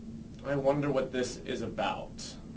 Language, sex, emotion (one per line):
English
male
neutral